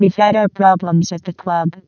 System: VC, vocoder